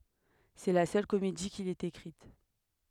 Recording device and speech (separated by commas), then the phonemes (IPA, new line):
headset microphone, read sentence
sɛ la sœl komedi kil ɛt ekʁit